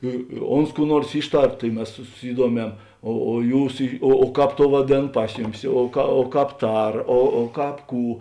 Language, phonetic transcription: Lithuanian, i i ˈons kų ˈnuors ˈyšˌtar tai ˈmes su suˈsyduomem o o ˈjūs ˈy o ˈkāp ˈtou vaˈdėn ˈpas juˌmis o ka o ˈkāp ˈtar o o ˈkāp ˈkų

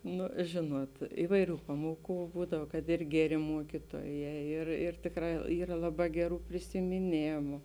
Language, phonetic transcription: Lithuanian, ˈnu ˈžėnuot ˈivaiˌrių ˈpamuoˌkų ˈbūdav kad ir ˈgeˌrė ˈmuokytuoˌjē ˈir ir ˈtėkˌrā ˈyra ˈlaˌbā ˈgeˌrų prisimiˈnėmu

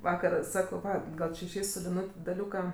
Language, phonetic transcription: Lithuanian, ˈvakar ˈsakau ˈva ˈgal či išˈeis su liˈnut' daˈliūka

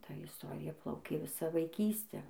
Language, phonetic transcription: Lithuanian, ˈta isˈtorija ˈplaukė ˈvisą vaiˈkystę

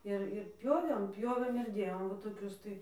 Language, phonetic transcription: Lithuanian, ˈir ir ˈpjovėm ˈpjovėm ir ˈdėjom va toˈkius tai

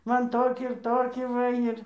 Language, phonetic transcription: Lithuanian, ˈman ˈtokį ir ˈtokį ˈva ir

